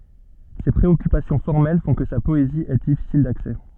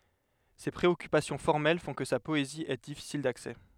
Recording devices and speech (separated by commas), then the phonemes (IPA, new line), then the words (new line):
soft in-ear microphone, headset microphone, read sentence
se pʁeɔkypasjɔ̃ fɔʁmɛl fɔ̃ kə sa pɔezi ɛ difisil daksɛ
Ses préoccupations formelles font que sa poésie est difficile d'accès.